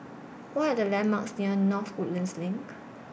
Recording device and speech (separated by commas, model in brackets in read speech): boundary microphone (BM630), read sentence